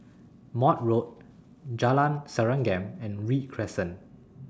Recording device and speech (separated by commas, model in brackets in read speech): standing microphone (AKG C214), read sentence